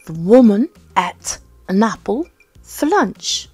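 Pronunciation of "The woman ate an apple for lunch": In natural connected speech, 'an' and 'for' are both said with a schwa.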